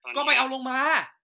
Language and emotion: Thai, angry